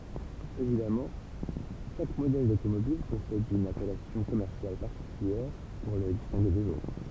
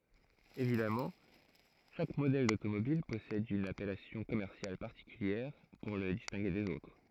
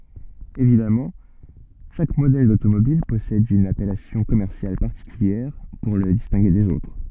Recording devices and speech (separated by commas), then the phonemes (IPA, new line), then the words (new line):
temple vibration pickup, throat microphone, soft in-ear microphone, read sentence
evidamɑ̃ ʃak modɛl dotomobil pɔsɛd yn apɛlasjɔ̃ kɔmɛʁsjal paʁtikyljɛʁ puʁ lə distɛ̃ɡe dez otʁ
Évidemment, chaque modèle d'automobile possède une appellation commerciale particulière pour le distinguer des autres.